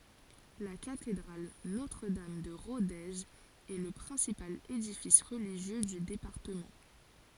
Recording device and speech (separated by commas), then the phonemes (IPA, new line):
forehead accelerometer, read sentence
la katedʁal notʁədam də ʁodez ɛ lə pʁɛ̃sipal edifis ʁəliʒjø dy depaʁtəmɑ̃